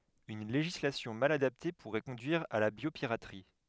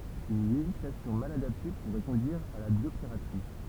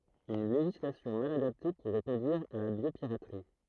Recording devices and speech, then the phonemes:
headset microphone, temple vibration pickup, throat microphone, read sentence
yn leʒislasjɔ̃ mal adapte puʁɛ kɔ̃dyiʁ a la bjopiʁatʁi

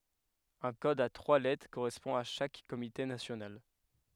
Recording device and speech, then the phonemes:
headset microphone, read sentence
œ̃ kɔd a tʁwa lɛtʁ koʁɛspɔ̃ a ʃak komite nasjonal

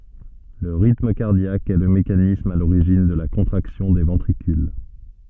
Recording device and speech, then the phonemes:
soft in-ear microphone, read sentence
lə ʁitm kaʁdjak ɛ lə mekanism a loʁiʒin də la kɔ̃tʁaksjɔ̃ de vɑ̃tʁikyl

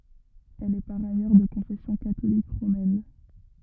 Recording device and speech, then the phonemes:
rigid in-ear microphone, read sentence
ɛl ɛ paʁ ajœʁ də kɔ̃fɛsjɔ̃ katolik ʁomɛn

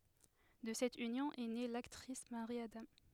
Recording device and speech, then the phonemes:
headset microphone, read sentence
də sɛt ynjɔ̃ ɛ ne laktʁis maʁi adɑ̃

